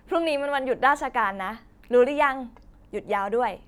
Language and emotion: Thai, happy